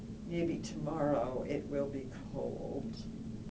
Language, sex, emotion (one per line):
English
female
sad